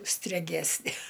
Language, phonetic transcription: Lithuanian, streˈgesne

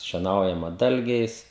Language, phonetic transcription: Lithuanian, šieˈnaujama ˈdalgiais

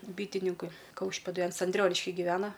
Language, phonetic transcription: Lithuanian, ˈbytininkui ˈkaušpėdui ˈans anˈdrioniški giˈvena

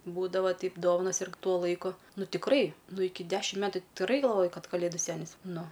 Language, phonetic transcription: Lithuanian, ˈbūdava ˈteip ˈdovanas irg ˈtuo ˈlaiku ˈnu tikˈrai ˈnu ˈiki ˈdešim ˈmetu ti tikˈrai galˈvojai ˈkad kaˈlėdu ˈsenis ˈnu

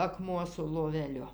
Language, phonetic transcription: Lithuanian, aˈkmuo su loveˈliu

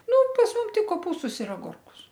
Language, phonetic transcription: Lithuanian, ˈnu pas ˈmum ˈtik koˈpūstus ir aˈgurkus

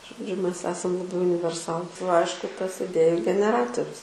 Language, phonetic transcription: Lithuanian, žoˈdžiu ˈmes ˈesam laˈbai univerˈsalu ˈaišku ˈtas iˈdėju geneˈratorius

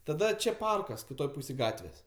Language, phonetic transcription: Lithuanian, taˈda ˈčia ˈparkas kiˈtoj ˈpūsėj ˈgatvės'

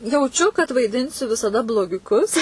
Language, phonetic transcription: Lithuanian, jauˈčiu kad vaiˈdinsiu visaˈda blogiuˈkus

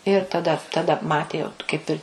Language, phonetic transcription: Lithuanian, ir taˈda taˈda ˈmatė jau t kaip ˈir

